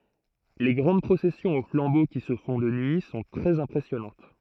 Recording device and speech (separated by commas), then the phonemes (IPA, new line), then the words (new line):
throat microphone, read sentence
le ɡʁɑ̃d pʁosɛsjɔ̃z o flɑ̃bo ki sə fɔ̃ də nyi sɔ̃ tʁɛz ɛ̃pʁɛsjɔnɑ̃t
Les grandes processions au flambeau, qui se font de nuit, sont très impressionnantes.